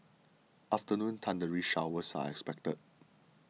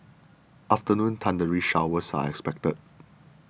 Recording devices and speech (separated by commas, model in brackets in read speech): mobile phone (iPhone 6), boundary microphone (BM630), read sentence